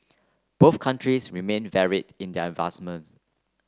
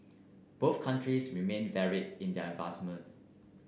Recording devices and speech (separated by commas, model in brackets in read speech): close-talking microphone (WH30), boundary microphone (BM630), read sentence